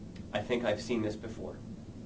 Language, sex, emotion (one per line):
English
male
neutral